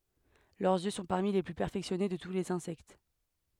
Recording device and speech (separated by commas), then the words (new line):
headset microphone, read sentence
Leurs yeux sont parmi les plus perfectionnés de tous les insectes.